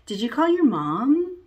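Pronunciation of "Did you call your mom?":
The voice goes up at the end of 'Did you call your mom?', and the rise is exaggerated.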